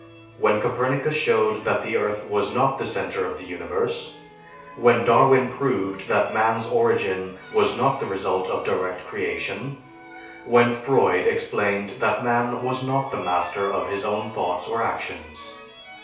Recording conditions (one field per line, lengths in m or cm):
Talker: one person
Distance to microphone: 3.0 m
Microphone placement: far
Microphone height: 1.8 m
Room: small (3.7 m by 2.7 m)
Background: music